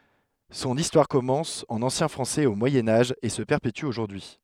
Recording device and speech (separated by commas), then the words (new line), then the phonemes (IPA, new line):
headset microphone, read sentence
Son histoire commence en ancien français au Moyen Âge et se perpétue aujourd'hui.
sɔ̃n istwaʁ kɔmɑ̃s ɑ̃n ɑ̃sjɛ̃ fʁɑ̃sɛz o mwajɛ̃ aʒ e sə pɛʁpety oʒuʁdyi y